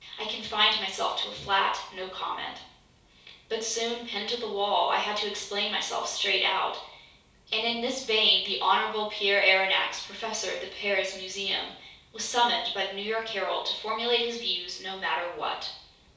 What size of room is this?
A compact room (about 3.7 m by 2.7 m).